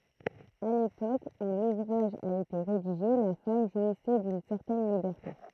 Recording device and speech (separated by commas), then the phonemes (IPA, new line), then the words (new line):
throat microphone, read sentence
a lepok u luvʁaʒ a ete ʁediʒe la fam ʒwisɛ dyn sɛʁtɛn libɛʁte
À l'époque où l'ouvrage a été rédigé, la femme jouissait d'une certaine liberté.